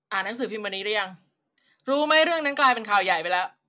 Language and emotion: Thai, angry